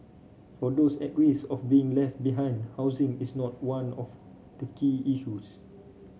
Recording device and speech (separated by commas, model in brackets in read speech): mobile phone (Samsung C5), read sentence